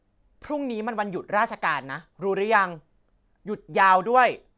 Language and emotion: Thai, frustrated